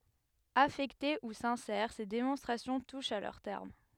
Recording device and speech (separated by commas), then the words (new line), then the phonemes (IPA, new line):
headset microphone, read sentence
Affectées ou sincères, ces démonstrations touchent à leur terme.
afɛkte u sɛ̃sɛʁ se demɔ̃stʁasjɔ̃ tuʃt a lœʁ tɛʁm